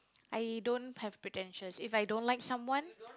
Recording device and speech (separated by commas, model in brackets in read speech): close-talking microphone, conversation in the same room